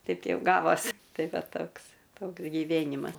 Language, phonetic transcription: Lithuanian, ˈteip ˈjau ˈgavos' ˈtai ˈva ˈtoks ˈtoks giˈvėnimas

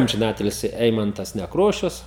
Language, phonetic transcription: Lithuanian, amžiˈnatilsi ˈeimantas nekˈrošius

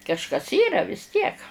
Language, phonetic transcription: Lithuanian, kažˈkas ˈyra vis ˈtiek

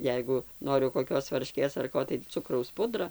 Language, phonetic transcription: Lithuanian, ˈjeigu ˈnoriu koˈkios varˈškės ar ˈko tai ˈcukraus ˈpudra

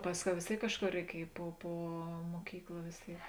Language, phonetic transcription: Lithuanian, ˈpasˌkiau vės ˈtėik ˈkažˌkor reiˈkiej po ˈpo muoˈkykla vės ˈtėik

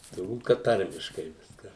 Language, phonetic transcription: Lithuanian, turˈbūt kad ˈtarmiškai ˈviska

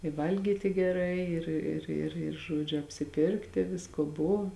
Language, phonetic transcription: Lithuanian, i ˈvalgyti geˈrai ˈir ir ir ir ˈžuodžiu apsiˈpirkti ˈvisko ˈbova

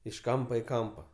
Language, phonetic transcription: Lithuanian, iš ˈkampa i ˈkampa

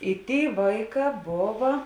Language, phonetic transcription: Lithuanian, i ˈtėi ˈvaiˌkā ˈbova

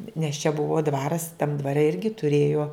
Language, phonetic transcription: Lithuanian, nes čia ˈbuvo ˈdvaras tam dvaˈre ˈirgi tuˈrėjo

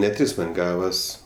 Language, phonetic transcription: Lithuanian, ne ˈtris ten ˈgavas

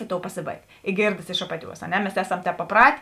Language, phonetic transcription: Lithuanian, i ˈtou paˈsėˌbaig i ˈgėrdas iš ˈapaˌtiuos a ˈne mes ˈeˌsam ˈtēp paˈprat'

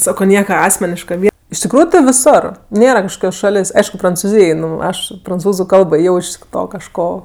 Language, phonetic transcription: Lithuanian, ˈsako ˈnieka ˈasmeniška iš tikˈrųju tɜ viˈsor ˈnėra kažˈkokios ˈšalės' ˈaišku prancuˈzyj i ˈnu ˈaš pranˈcūzu ˈkalbo ˈjau iš ˈto kažˈko

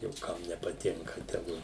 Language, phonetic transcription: Lithuanian, jau ˈkam nepaˈtinka teˈgu

